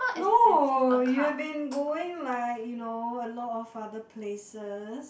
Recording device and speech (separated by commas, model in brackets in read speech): boundary microphone, conversation in the same room